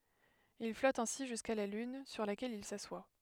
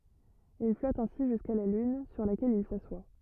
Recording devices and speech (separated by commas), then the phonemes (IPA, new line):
headset microphone, rigid in-ear microphone, read sentence
il flɔt ɛ̃si ʒyska la lyn syʁ lakɛl il saswa